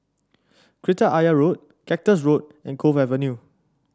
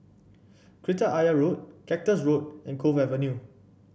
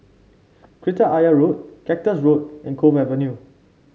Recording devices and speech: standing microphone (AKG C214), boundary microphone (BM630), mobile phone (Samsung C5), read sentence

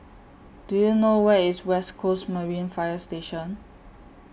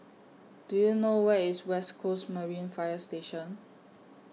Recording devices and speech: boundary microphone (BM630), mobile phone (iPhone 6), read sentence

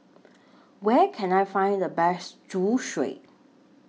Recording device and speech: mobile phone (iPhone 6), read sentence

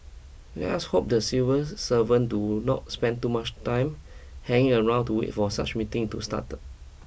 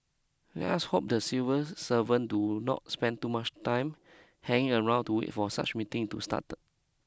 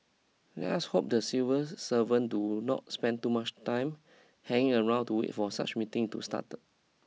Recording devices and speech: boundary microphone (BM630), close-talking microphone (WH20), mobile phone (iPhone 6), read sentence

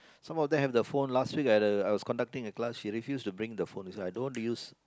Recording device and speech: close-talking microphone, conversation in the same room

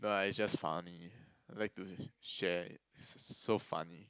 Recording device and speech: close-talking microphone, conversation in the same room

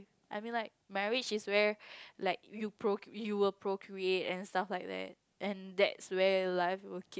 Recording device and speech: close-talking microphone, conversation in the same room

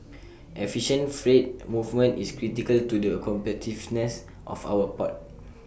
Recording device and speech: boundary microphone (BM630), read sentence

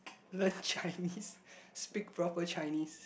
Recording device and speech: boundary microphone, conversation in the same room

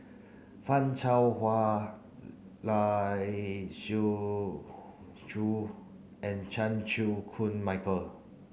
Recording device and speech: mobile phone (Samsung C9), read sentence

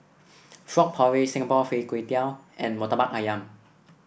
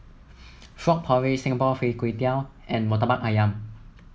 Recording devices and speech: boundary microphone (BM630), mobile phone (iPhone 7), read sentence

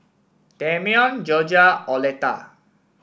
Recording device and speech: boundary microphone (BM630), read sentence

